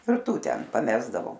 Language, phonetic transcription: Lithuanian, ir ˈtų ˈten paˈmesdavo

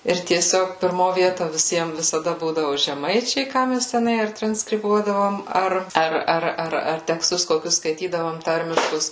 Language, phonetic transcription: Lithuanian, ir tieˈsiog pirˈmo ˈvieto viˈsiem visaˈda ˈbūdavu žeˈmaičiai ˈką mes teˈnai ar transkriˈbuodavom ˈar ˈar ˈar ar ar teksˈtus koˈkius skaiˈtydavom ˈtarmiškus

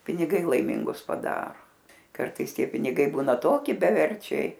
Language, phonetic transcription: Lithuanian, piniˈgai laiˈmingus paˈdaro ˈkartais ˈtie piniˈgai ˈbūna ˈtoki beˈverčiai

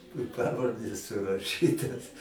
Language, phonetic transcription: Lithuanian, i ˈpavardės suraˈšytas

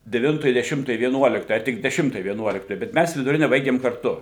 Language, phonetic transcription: Lithuanian, deˈvintoj deˈšimtoj vieˈnuoliktoj a tik deˈšimtoj vieˈnuoliktoj bet ˈmæs viduˈrine ˈbaigim karˈtu

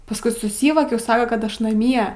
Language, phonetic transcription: Lithuanian, pasˈkui suˈsyvokiau ˈsaka kad ˈaš naˈmie

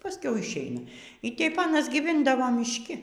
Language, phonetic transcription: Lithuanian, paˈskiau išˈeina y ˈtep ˈanas gyˈvindavo mišˈki

